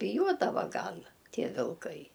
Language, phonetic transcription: Lithuanian, biˈjuodava ˈgal ˈtie vilˈkai

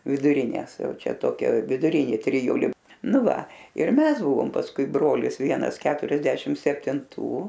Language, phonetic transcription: Lithuanian, viduˈrinės ˈjau ˈčia ˈtokia viduˈrinė triˈjuli ˈnu ˈva ir ˈmes ˈbuvom pasˈkui ˈbrolis ˈvienas ˈketuriasdešim septinˈtų

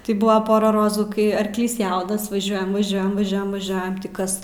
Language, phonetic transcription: Lithuanian, tai ˈbūva ˈpora ˈrozų ˈkai arkˈlys ˈjaunas vaˈžiuojam vaˈžiuojam vaˈžiuojam vaˈžiuojam tį ˈkas

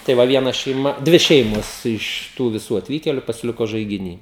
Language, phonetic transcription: Lithuanian, tai ˈva vieˈna šeiˈma ˈdvi ˈšeimos iš ˈtų viˈsų atˈvykėliu pasiˈliko žaigiˈny

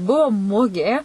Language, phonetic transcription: Lithuanian, ˈbuvo ˈmugė

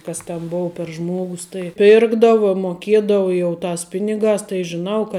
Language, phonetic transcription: Lithuanian, ˈkas ten ˈbou per ˈžmuogus tai ˈpirkdava moˈkiedava jau ˈtās ˈpinigās tai žiˈnau ka

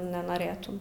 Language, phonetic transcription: Lithuanian, nenoˈrėtum

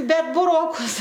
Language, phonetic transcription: Lithuanian, ˈbet buˈrokus

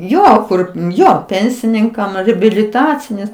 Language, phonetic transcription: Lithuanian, ˈjo ˈkur ˈjo ˈpensininkam ribiliˈtacinės

